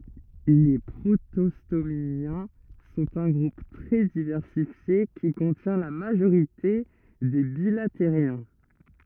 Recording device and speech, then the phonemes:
rigid in-ear microphone, read sentence
le pʁotɔstomjɛ̃ sɔ̃t œ̃ ɡʁup tʁɛ divɛʁsifje ki kɔ̃tjɛ̃ la maʒoʁite de bilatəʁjɛ̃

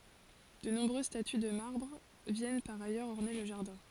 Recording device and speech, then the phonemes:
forehead accelerometer, read sentence
də nɔ̃bʁøz staty də maʁbʁ vjɛn paʁ ajœʁz ɔʁne lə ʒaʁdɛ̃

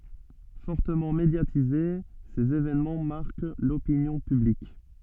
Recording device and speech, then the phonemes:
soft in-ear microphone, read sentence
fɔʁtəmɑ̃ medjatize sez evɛnmɑ̃ maʁk lopinjɔ̃ pyblik

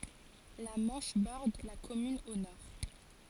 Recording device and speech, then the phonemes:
forehead accelerometer, read sentence
la mɑ̃ʃ bɔʁd la kɔmyn o nɔʁ

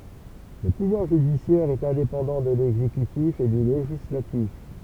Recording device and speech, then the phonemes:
temple vibration pickup, read sentence
lə puvwaʁ ʒydisjɛʁ ɛt ɛ̃depɑ̃dɑ̃ də lɛɡzekytif e dy leʒislatif

